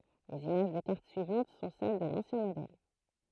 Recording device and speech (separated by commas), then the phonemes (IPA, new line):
throat microphone, read sentence
lez imaʒ də kaʁt syivɑ̃t sɔ̃ sɛl də lɑ̃sjɛ̃ modɛl